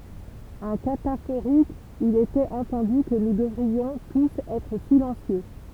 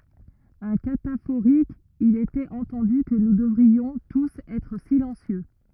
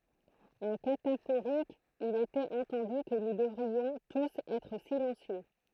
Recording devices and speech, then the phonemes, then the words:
temple vibration pickup, rigid in-ear microphone, throat microphone, read sentence
œ̃ katafoʁik il etɛt ɑ̃tɑ̃dy kə nu dəvʁiɔ̃ tus ɛtʁ silɑ̃sjø
Un cataphorique: Il était entendu que nous devrions tous être silencieux.

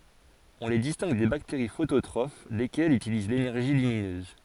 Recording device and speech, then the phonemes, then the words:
forehead accelerometer, read sentence
ɔ̃ le distɛ̃ɡ de bakteʁi fototʁof lekɛlz ytiliz lenɛʁʒi lyminøz
On les distingue des bactéries phototrophes, lesquelles utilisent l'énergie lumineuse.

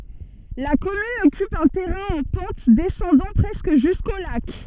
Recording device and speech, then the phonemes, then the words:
soft in-ear microphone, read sentence
la kɔmyn ɔkyp œ̃ tɛʁɛ̃ ɑ̃ pɑ̃t dɛsɑ̃dɑ̃ pʁɛskə ʒysko lak
La commune occupe un terrain en pente descendant presque jusqu'au lac.

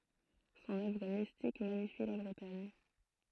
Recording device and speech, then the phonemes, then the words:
throat microphone, read sentence
sɔ̃n œvʁ mistik maɲifi la bʁətaɲ
Son œuvre mystique magnifie la Bretagne.

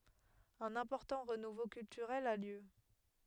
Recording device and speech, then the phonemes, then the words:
headset microphone, read sentence
œ̃n ɛ̃pɔʁtɑ̃ ʁənuvo kyltyʁɛl a ljø
Un important renouveau culturel a lieu.

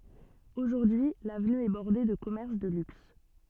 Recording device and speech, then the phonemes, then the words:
soft in-ear microphone, read sentence
oʒuʁdyi lavny ɛ bɔʁde də kɔmɛʁs də lyks
Aujourd'hui, l'avenue est bordée de commerces de luxe.

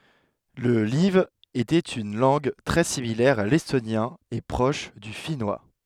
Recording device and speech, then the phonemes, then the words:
headset microphone, read sentence
lə laiv etɛt yn lɑ̃ɡ tʁɛ similɛʁ a lɛstonjɛ̃ e pʁɔʃ dy finwa
Le live était une langue très similaire à l'estonien et proche du finnois.

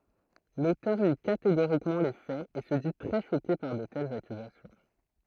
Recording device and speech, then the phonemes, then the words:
throat microphone, read sentence
lotœʁ ni kateɡoʁikmɑ̃ le fɛz e sə di tʁɛ ʃoke paʁ də tɛlz akyzasjɔ̃
L'auteur nie catégoriquement les faits et se dit très choqué par de telles accusations.

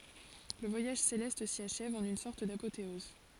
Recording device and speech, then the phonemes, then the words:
forehead accelerometer, read sentence
lə vwajaʒ selɛst si aʃɛv ɑ̃n yn sɔʁt dapoteɔz
Le voyage céleste s'y achève en une sorte d'apothéose.

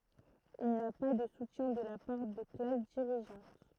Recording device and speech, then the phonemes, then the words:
throat microphone, read sentence
il na pa də sutjɛ̃ də la paʁ də klas diʁiʒɑ̃t
Il n'a pas de soutien de la part de classes dirigeantes.

